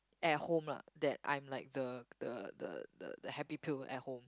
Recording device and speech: close-talking microphone, conversation in the same room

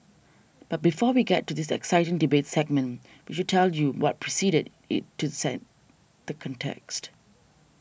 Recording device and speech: boundary microphone (BM630), read sentence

